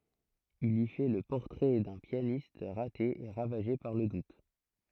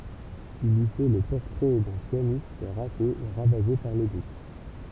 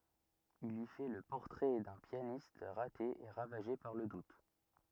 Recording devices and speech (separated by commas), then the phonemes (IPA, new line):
throat microphone, temple vibration pickup, rigid in-ear microphone, read sentence
il i fɛ lə pɔʁtʁɛ dœ̃ pjanist ʁate e ʁavaʒe paʁ lə dut